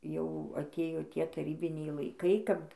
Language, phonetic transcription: Lithuanian, jau aˈtėjo ˈtie taˈrybiniai laiˈkai ˈkap

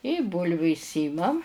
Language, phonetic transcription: Lithuanian, i ˈbūlviu išˈsymam

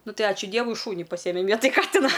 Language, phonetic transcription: Lithuanian, ˈnu ˈtai ˈačiu ˈdievui ˈšūni paˈsyjemem ˈvietaj ˈkatina

